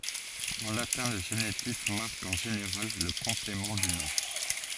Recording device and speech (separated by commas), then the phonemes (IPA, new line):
forehead accelerometer, read sentence
ɑ̃ latɛ̃ lə ʒenitif maʁk ɑ̃ ʒeneʁal lə kɔ̃plemɑ̃ dy nɔ̃